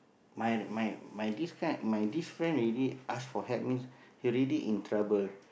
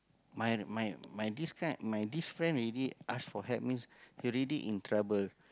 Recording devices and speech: boundary microphone, close-talking microphone, conversation in the same room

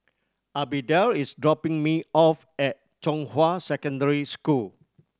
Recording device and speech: standing microphone (AKG C214), read sentence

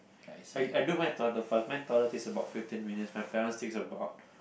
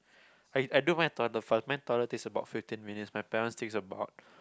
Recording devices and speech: boundary microphone, close-talking microphone, conversation in the same room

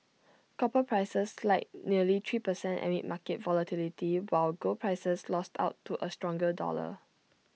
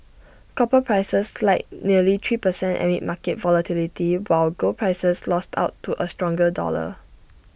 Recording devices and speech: mobile phone (iPhone 6), boundary microphone (BM630), read sentence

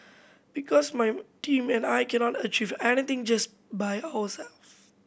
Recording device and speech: boundary microphone (BM630), read sentence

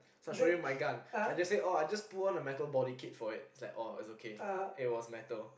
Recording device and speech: boundary microphone, conversation in the same room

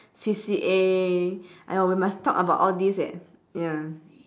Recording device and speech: standing microphone, conversation in separate rooms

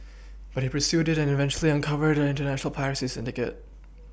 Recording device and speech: boundary microphone (BM630), read sentence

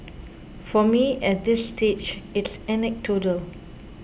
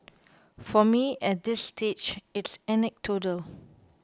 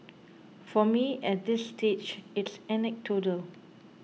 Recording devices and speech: boundary microphone (BM630), close-talking microphone (WH20), mobile phone (iPhone 6), read sentence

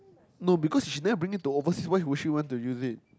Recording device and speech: close-talking microphone, conversation in the same room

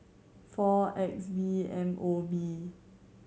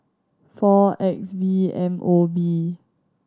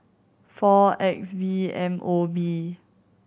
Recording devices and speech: mobile phone (Samsung C7100), standing microphone (AKG C214), boundary microphone (BM630), read sentence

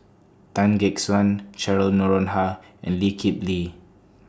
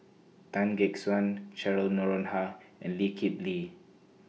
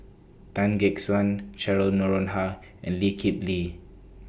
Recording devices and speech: standing microphone (AKG C214), mobile phone (iPhone 6), boundary microphone (BM630), read sentence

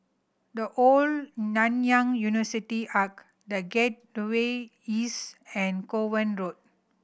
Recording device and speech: boundary microphone (BM630), read sentence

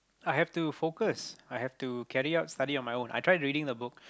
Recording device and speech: close-talking microphone, conversation in the same room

